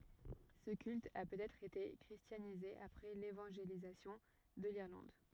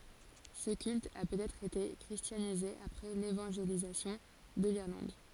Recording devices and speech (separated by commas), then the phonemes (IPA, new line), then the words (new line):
rigid in-ear microphone, forehead accelerometer, read sentence
sə kylt a pøtɛtʁ ete kʁistjanize apʁɛ levɑ̃ʒelizasjɔ̃ də liʁlɑ̃d
Ce culte a peut-être été christianisé après l'évangélisation de l’Irlande.